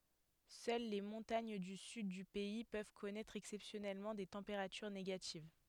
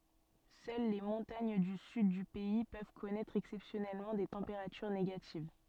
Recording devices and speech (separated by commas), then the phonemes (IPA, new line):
headset microphone, soft in-ear microphone, read sentence
sœl le mɔ̃taɲ dy syd dy pɛi pøv kɔnɛtʁ ɛksɛpsjɔnɛlmɑ̃ de tɑ̃peʁatyʁ neɡativ